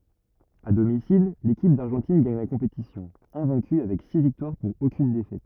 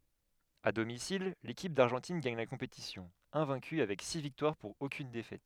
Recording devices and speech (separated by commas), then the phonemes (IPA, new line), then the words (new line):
rigid in-ear microphone, headset microphone, read sentence
a domisil lekip daʁʒɑ̃tin ɡaɲ la kɔ̃petisjɔ̃ ɛ̃vɛ̃ky avɛk si viktwaʁ puʁ okyn defɛt
À domicile, l'équipe d'Argentine gagne la compétition, invaincue avec six victoires pour aucune défaite.